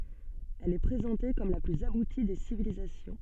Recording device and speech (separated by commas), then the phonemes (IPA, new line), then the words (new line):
soft in-ear microphone, read sentence
ɛl ɛ pʁezɑ̃te kɔm la plyz abuti de sivilizasjɔ̃
Elle est présentée comme la plus aboutie des civilisations.